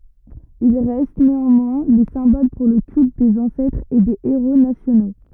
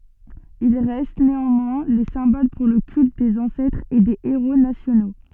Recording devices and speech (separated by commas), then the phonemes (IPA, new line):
rigid in-ear microphone, soft in-ear microphone, read sentence
il ʁɛst neɑ̃mwɛ̃ le sɛ̃bol puʁ lə kylt dez ɑ̃sɛtʁz e de eʁo nasjono